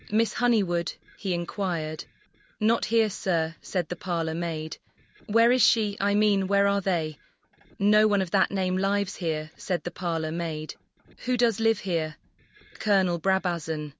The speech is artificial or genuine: artificial